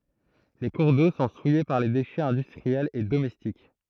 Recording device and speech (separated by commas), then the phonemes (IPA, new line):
throat microphone, read sentence
le kuʁ do sɔ̃ suje paʁ le deʃɛz ɛ̃dystʁiɛlz e domɛstik